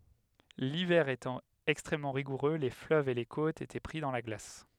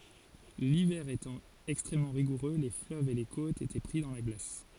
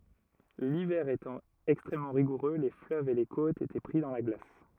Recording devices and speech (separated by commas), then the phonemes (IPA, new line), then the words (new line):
headset microphone, forehead accelerometer, rigid in-ear microphone, read sentence
livɛʁ etɑ̃ ɛkstʁɛmmɑ̃ ʁiɡuʁø le fløvz e le kotz etɛ pʁi dɑ̃ la ɡlas
L'hiver étant extrêmement rigoureux, les fleuves et les côtes étaient pris dans la glace.